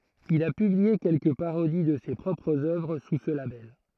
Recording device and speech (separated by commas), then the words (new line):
throat microphone, read sentence
Il a publié quelques parodies de ses propres œuvres sous ce label.